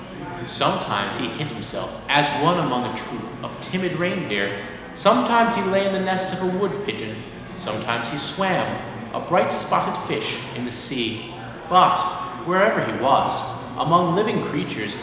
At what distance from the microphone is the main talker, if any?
1.7 m.